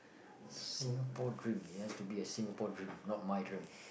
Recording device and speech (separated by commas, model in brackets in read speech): boundary microphone, conversation in the same room